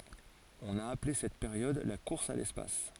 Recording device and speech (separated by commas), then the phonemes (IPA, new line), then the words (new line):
forehead accelerometer, read sentence
ɔ̃n a aple sɛt peʁjɔd la kuʁs a lɛspas
On a appelé cette période la course à l'espace.